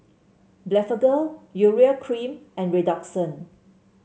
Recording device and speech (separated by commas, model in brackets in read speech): mobile phone (Samsung C7), read sentence